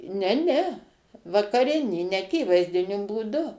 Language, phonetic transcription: Lithuanian, ne ˈne vakaˈrinį neaˈkyvaizdiniu būˈdu

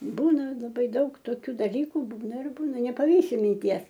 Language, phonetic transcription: Lithuanian, ˈbūna laˈbai ˈdaug toˈkių daˈlyku ˈbūna ir ˈbūna nepaˈvysi minˈties

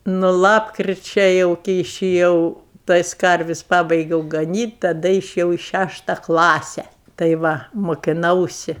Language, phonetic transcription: Lithuanian, nu ˈlapkričia ˈjau ki išiˈjau ˈtais ˈkarvis' ˈpabaigiau gaˈnyt' taˈda išiˈjau i ˈšæšta ˈklase tai ˈva mokiˈnausi

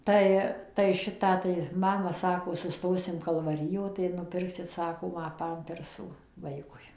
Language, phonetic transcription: Lithuanian, ˈtai tai ˈšitą tai ˈmama ˈsako suˈstosim kalvaˈrijo tai nuˈpirksit ˈsako ˈma ˈpampersų ˈvaikui

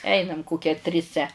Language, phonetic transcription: Lithuanian, ˈeinam ˈkokia triˈse

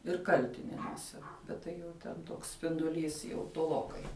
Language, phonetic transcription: Lithuanian, ir ˈkaltinenuose bet ˈtai jau ten ˈtoks spinduˈlys jau toˈlokai

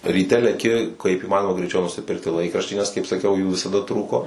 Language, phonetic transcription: Lithuanian, ryˈte leˈki kaip iˈmanoma greiˈčiau nusiˈpirkti ˈlaikraštį nes kaip saˈkiau jų visaˈda ˈtrūko

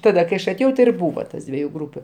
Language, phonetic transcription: Lithuanian, ˈtada kai ˈaš aˈtėjau ti ir ˈbūva tas ˈdvieju ˈgrūpiu

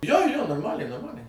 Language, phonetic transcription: Lithuanian, jo jo norˈmaliai norˈmaliai

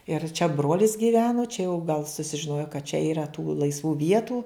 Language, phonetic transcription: Lithuanian, ir čia ˈbrolis giˈveno čia jau gal susižiˈnojo kad čia yˈra tų laisˈvų ˈvietų

